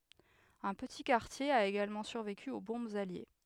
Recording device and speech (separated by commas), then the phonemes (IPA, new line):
headset microphone, read sentence
œ̃ pəti kaʁtje a eɡalmɑ̃ syʁveky o bɔ̃bz alje